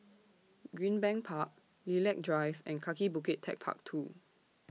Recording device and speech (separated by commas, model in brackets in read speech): mobile phone (iPhone 6), read sentence